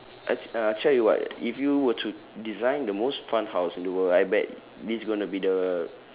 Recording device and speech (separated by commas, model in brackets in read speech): telephone, conversation in separate rooms